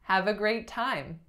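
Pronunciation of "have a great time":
In 'have a great time', the stress falls on 'time'.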